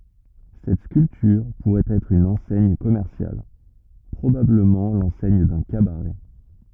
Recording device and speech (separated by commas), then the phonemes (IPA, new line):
rigid in-ear microphone, read sentence
sɛt skyltyʁ puʁɛt ɛtʁ yn ɑ̃sɛɲ kɔmɛʁsjal pʁobabləmɑ̃ lɑ̃sɛɲ dœ̃ kabaʁɛ